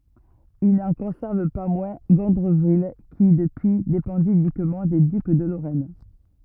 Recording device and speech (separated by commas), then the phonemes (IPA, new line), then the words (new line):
rigid in-ear microphone, read sentence
il nɑ̃ kɔ̃sɛʁv pa mwɛ̃ ɡɔ̃dʁəvil ki dəpyi depɑ̃di ynikmɑ̃ de dyk də loʁɛn
Il n'en conserve pas moins Gondreville, qui, depuis, dépendit uniquement des ducs de Lorraine.